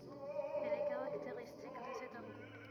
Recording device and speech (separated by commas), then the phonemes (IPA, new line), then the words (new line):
rigid in-ear microphone, read sentence
ɛl ɛ kaʁakteʁistik də sɛt aʁɡo
Elle est caractéristique de cet argot.